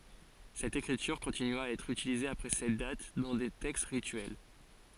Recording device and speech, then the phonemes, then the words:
forehead accelerometer, read sentence
sɛt ekʁityʁ kɔ̃tinya a ɛtʁ ytilize apʁɛ sɛt dat dɑ̃ de tɛkst ʁityɛl
Cette écriture continua à être utilisée après cette date, dans des textes rituels.

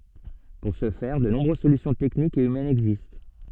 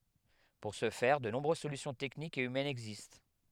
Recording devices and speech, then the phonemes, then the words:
soft in-ear microphone, headset microphone, read sentence
puʁ sə fɛʁ də nɔ̃bʁøz solysjɔ̃ tɛknikz e ymɛnz ɛɡzist
Pour ce faire, de nombreuses solutions techniques et humaines existent.

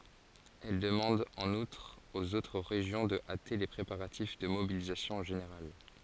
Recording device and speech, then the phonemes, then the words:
forehead accelerometer, read sentence
ɛl dəmɑ̃d ɑ̃n utʁ oz otʁ ʁeʒjɔ̃ də ate le pʁepaʁatif də mobilizasjɔ̃ ʒeneʁal
Elle demande en outre aux autres régions de hâter les préparatifs de mobilisation générale.

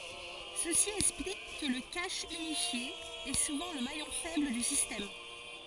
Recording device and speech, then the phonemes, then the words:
forehead accelerometer, read sentence
səsi ɛksplik kə lə kaʃ ynifje ɛ suvɑ̃ lə majɔ̃ fɛbl dy sistɛm
Ceci explique que le cache unifié est souvent le maillon faible du système.

